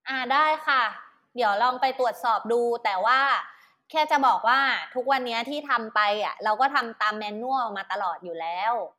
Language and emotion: Thai, neutral